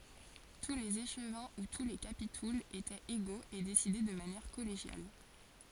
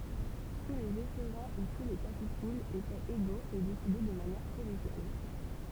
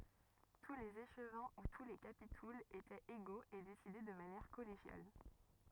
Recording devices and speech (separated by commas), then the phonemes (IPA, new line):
forehead accelerometer, temple vibration pickup, rigid in-ear microphone, read sentence
tu lez eʃvɛ̃ u tu le kapitulz etɛt eɡoz e desidɛ də manjɛʁ kɔleʒjal